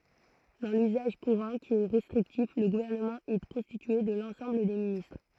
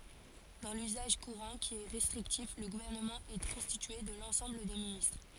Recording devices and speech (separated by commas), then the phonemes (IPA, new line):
throat microphone, forehead accelerometer, read sentence
dɑ̃ lyzaʒ kuʁɑ̃ ki ɛ ʁɛstʁiktif lə ɡuvɛʁnəmɑ̃ ɛ kɔ̃stitye də lɑ̃sɑ̃bl de ministʁ